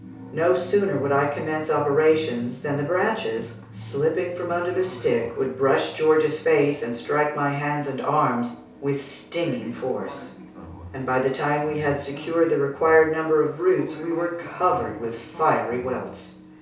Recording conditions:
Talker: one person; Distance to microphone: 3.0 m; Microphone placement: far; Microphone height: 1.8 m; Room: small (3.7 m by 2.7 m); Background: television

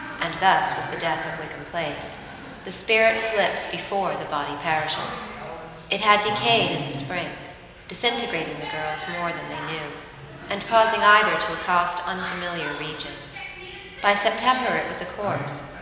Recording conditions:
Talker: one person; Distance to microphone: 1.7 m; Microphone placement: close; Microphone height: 1.0 m; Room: very reverberant, large; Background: television

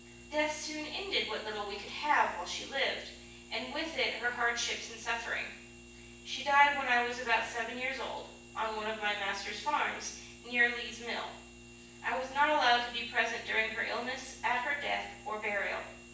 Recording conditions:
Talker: one person; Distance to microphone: 9.8 m; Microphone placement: far; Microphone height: 1.8 m; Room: large; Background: none

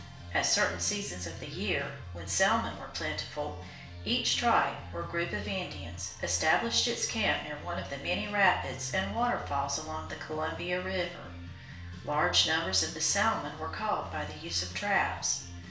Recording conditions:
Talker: one person; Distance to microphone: 1.0 m; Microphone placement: close; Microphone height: 1.1 m; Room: small (3.7 m by 2.7 m); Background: music

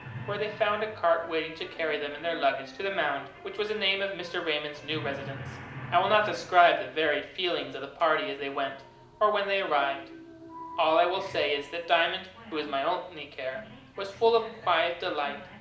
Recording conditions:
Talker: one person; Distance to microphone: 2.0 m; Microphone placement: close; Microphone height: 99 cm; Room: medium-sized (5.7 m by 4.0 m); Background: television

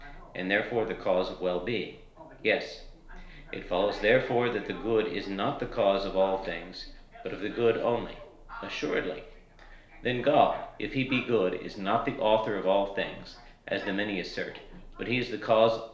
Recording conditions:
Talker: one person; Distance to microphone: 1.0 m; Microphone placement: close; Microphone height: 1.1 m; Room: small (3.7 m by 2.7 m); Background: television

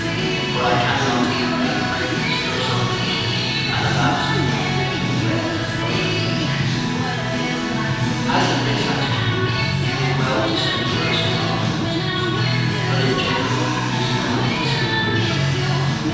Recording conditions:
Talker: one person; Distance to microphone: 7.1 m; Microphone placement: far; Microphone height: 1.7 m; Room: very reverberant, large; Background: music

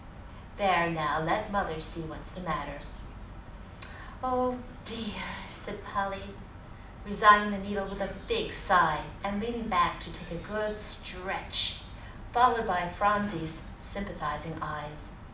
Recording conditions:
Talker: one person; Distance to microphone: 2.0 m; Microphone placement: close; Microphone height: 99 cm; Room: medium-sized (5.7 m by 4.0 m); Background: television

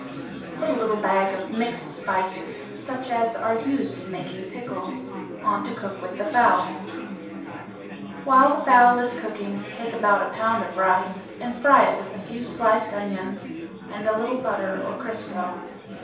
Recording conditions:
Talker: one person; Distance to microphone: 3.0 m; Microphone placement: far; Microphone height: 1.8 m; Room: small (3.7 m by 2.7 m); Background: babble

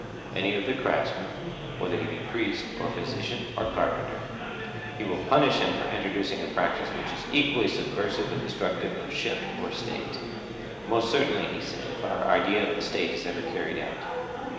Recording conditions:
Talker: one person; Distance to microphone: 1.7 m; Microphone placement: close; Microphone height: 1.0 m; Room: very reverberant, large; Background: babble

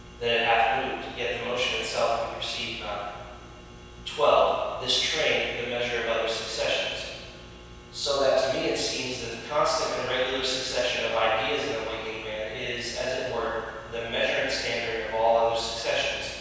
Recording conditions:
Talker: one person; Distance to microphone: 7.1 m; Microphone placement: far; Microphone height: 1.7 m; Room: very reverberant, large; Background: none

